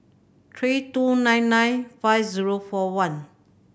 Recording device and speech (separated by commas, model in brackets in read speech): boundary microphone (BM630), read sentence